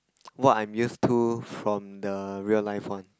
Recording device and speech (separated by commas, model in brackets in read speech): close-talking microphone, conversation in the same room